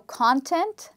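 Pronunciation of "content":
In 'content', the stress falls on the first part, 'con'.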